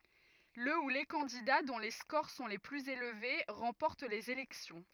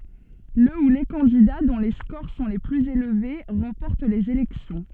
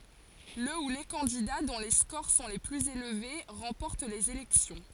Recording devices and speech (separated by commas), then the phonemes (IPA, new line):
rigid in-ear microphone, soft in-ear microphone, forehead accelerometer, read sentence
lə u le kɑ̃dida dɔ̃ le skoʁ sɔ̃ le plyz elve ʁɑ̃pɔʁt lez elɛksjɔ̃